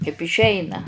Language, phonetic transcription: Lithuanian, kaip išˈeina

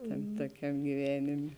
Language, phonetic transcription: Lithuanian, ˈtam toˈkiam giˈvenėmė

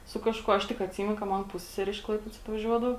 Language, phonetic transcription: Lithuanian, su ˈkažkuo ˈaš tik atˈsymenu ka ˈman ˈpussesere iš ˈklaipėdos atvaˈžiuodavo

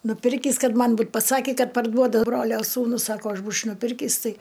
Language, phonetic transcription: Lithuanian, nuˈpirkįs ˈkad ˈman ˈbūt paˈsaki ˈkad parˈduoda ˈbrolio sūˈnus ˈsako ˈaš ˈbūč' nuˈpirkįs ˈtai

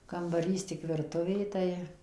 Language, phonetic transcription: Lithuanian, kambaˈrys tik virˈtuvė ˈtai

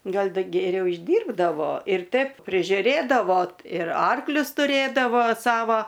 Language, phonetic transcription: Lithuanian, ˈgal ˈda geˈriau išˈdyrbdavo ir ˈtep prižiuˈrėdavo ir ˈarklius tuˈrėdavo ˈsava

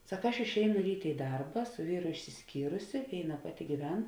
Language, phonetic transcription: Lithuanian, ˈsak ˈaš išˈeinu ˈrytė i ˈdarba su ˈvyru išsisˈkyrusi ˈvėiˌna ˈpaˌti gyˈven

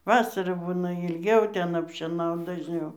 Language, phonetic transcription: Lithuanian, ˈvasarą ˈbūna ilˈgiau ˈten apˈšėnaut dažˈniau

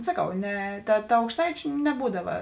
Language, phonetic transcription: Lithuanian, saˈkau ˈne ˈta ˈta aukšˈtaičiu neˈbūdava

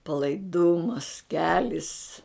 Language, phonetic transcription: Lithuanian, palaiˈdumas ˈkelis

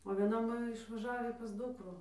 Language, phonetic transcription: Lithuanian, o vieˈna ˈmoje išvaˈžavį pas ˈdukrų

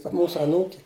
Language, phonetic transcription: Lithuanian, ta ˈmūsu aˈnūki

